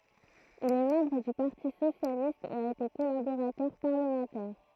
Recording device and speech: throat microphone, read sentence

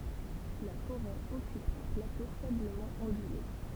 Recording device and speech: temple vibration pickup, read sentence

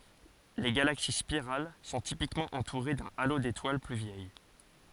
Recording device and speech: forehead accelerometer, read sentence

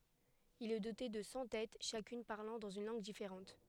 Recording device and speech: headset microphone, read sentence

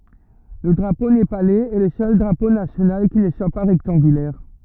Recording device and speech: rigid in-ear microphone, read sentence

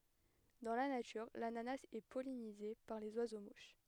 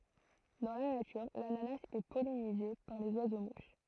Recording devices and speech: headset microphone, throat microphone, read sentence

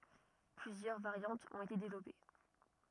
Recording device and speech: rigid in-ear microphone, read sentence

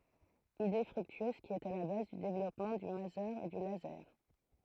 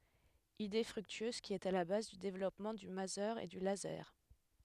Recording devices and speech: throat microphone, headset microphone, read sentence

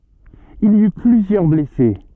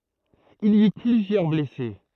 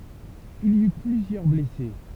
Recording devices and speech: soft in-ear microphone, throat microphone, temple vibration pickup, read sentence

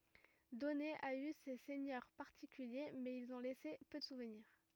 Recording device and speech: rigid in-ear microphone, read sentence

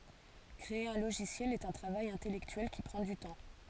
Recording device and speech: forehead accelerometer, read sentence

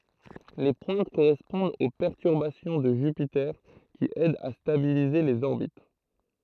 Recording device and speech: throat microphone, read sentence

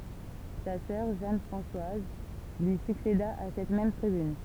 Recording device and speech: temple vibration pickup, read sentence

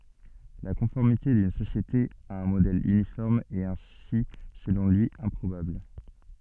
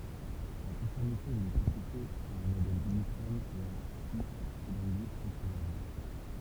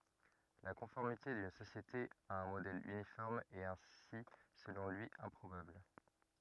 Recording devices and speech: soft in-ear microphone, temple vibration pickup, rigid in-ear microphone, read sentence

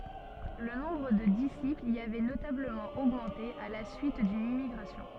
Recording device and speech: soft in-ear microphone, read sentence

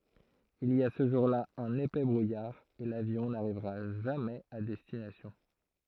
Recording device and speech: throat microphone, read sentence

